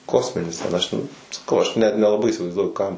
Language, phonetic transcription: Lithuanian, ˈkosminis ten ˈaš ten saˈkau aš ˈnet nelaˈbai įsivaizˈduoju ˈkam

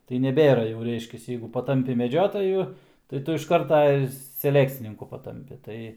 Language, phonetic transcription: Lithuanian, tai neˈbėra jau ˈreiškias ˈjeigu paˈtampi meˈdžiotaju tai ˈtu iš ˈkarta ir seˈlekcininku paˈtampi ˈtai

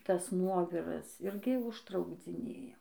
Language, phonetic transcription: Lithuanian, ˈtas ˈnuoviras ˈirgi užtraukdziˈnėja

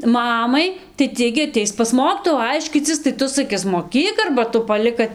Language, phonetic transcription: Lithuanian, ˈmamai tai ˈtie gi aˈteis pas ˈmokytojų ˈaiškycis tai ˈtu saˈkis moˈkyk arba ˈtu paˈlik kad

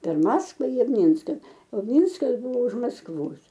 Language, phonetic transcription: Lithuanian, per ˈmaskva i ˈmynska o ˈmynskas ˈbuvo už maskˈvos

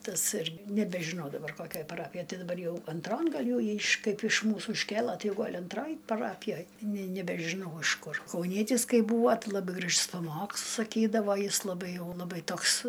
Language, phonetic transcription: Lithuanian, ˈtas irg nebežiˈnau daˈbar ˈkokioj paˈrapijoj ˈti daˈbar ˈjau anˈtron ˈgal' jau ˈjį iš ˈkaip iš ˈmūsų išˈkėla ˈtai ˈgol' anˈtroj paˈrapijoj ne nebežiˈnau ˈaš ˈkur kauˈnietis ˈkai ˈbūvo ˈtai laˈbɨ gražs paˈmokslus saˈkydavo ˈjis laˈbai ˈjau laˈbai ˈtoks

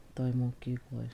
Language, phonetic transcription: Lithuanian, toj moˈkykloj

